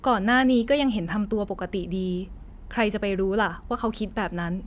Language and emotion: Thai, neutral